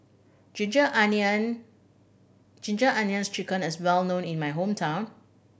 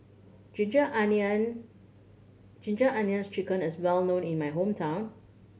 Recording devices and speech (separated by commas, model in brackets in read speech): boundary microphone (BM630), mobile phone (Samsung C7100), read sentence